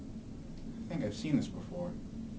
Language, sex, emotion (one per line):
English
male
neutral